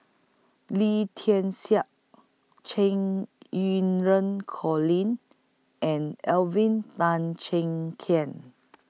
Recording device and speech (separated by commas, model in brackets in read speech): mobile phone (iPhone 6), read sentence